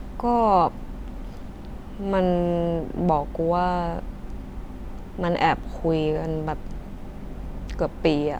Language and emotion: Thai, frustrated